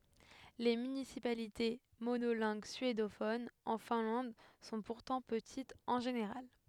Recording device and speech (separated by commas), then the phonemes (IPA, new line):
headset microphone, read sentence
le mynisipalite monolɛ̃ɡ syedofonz ɑ̃ fɛ̃lɑ̃d sɔ̃ puʁtɑ̃ pətitz ɑ̃ ʒeneʁal